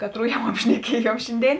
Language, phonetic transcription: Lithuanian, ˈkaˌtrų jau apšneˈkiejuom ˈšinˌdėin

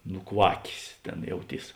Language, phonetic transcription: Lithuanian, nuˈkvakės ˈtėn jauˈtys

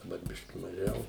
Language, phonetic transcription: Lithuanian, daˈbar ˈbiški maˈžiau

